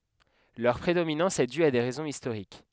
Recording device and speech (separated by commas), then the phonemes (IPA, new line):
headset microphone, read sentence
lœʁ pʁedominɑ̃s ɛ dy a de ʁɛzɔ̃z istoʁik